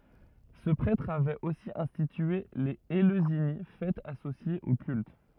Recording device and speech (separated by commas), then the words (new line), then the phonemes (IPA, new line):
rigid in-ear microphone, read sentence
Ce prêtre avait aussi institué les Éleusinies, fêtes associées au culte.
sə pʁɛtʁ avɛt osi ɛ̃stitye lez eløzini fɛtz asosjez o kylt